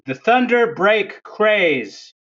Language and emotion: English, disgusted